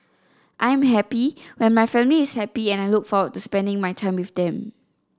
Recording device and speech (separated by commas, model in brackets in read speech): standing microphone (AKG C214), read sentence